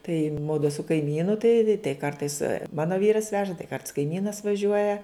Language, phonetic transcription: Lithuanian, tai ˈmudu su kaiˈmynu tai tai ˈkartais ˈmano ˈvyras ˈveža tai karts kaiˈmynas vaˈžiuoja

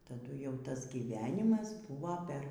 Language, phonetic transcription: Lithuanian, taˈdu jau ˈtas gyˈvenimas ˈbuvo per

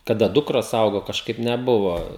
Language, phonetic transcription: Lithuanian, kaˈda ˈdukros ˈaugo kažˈkaip neˈbuvo

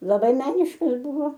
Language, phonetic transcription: Lithuanian, laˈbai ˈmeniškas ˈbuvo

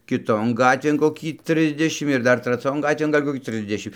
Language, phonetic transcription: Lithuanian, kiˈton ˈgatvėn koˈkį ˈtrisdešim ir ˈdar traˈcion ˈgatvėn gal' koˈkį ˈtrisdešim

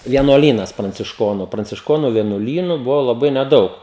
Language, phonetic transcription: Lithuanian, vienuoˈlynas prancišˈkonu prancišˈkonu vienuoˈlynu ˈbuvo laˈbai neˈdaug

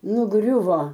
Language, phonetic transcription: Lithuanian, nuˈgriuvo

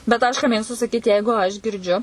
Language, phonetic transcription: Lithuanian, bet aš ka ˈmėgstu saˈkyti ˈjeigu aš girˈdžiu

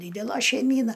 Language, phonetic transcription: Lithuanian, ˈdydela šeiˈmyna

